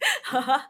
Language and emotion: Thai, happy